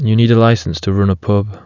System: none